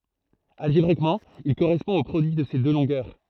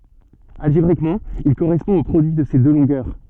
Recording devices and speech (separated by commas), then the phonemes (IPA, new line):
throat microphone, soft in-ear microphone, read sentence
alʒebʁikmɑ̃ il koʁɛspɔ̃ o pʁodyi də se dø lɔ̃ɡœʁ